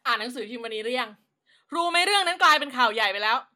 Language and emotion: Thai, angry